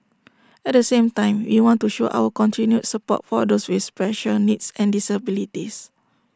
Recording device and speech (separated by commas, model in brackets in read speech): standing microphone (AKG C214), read sentence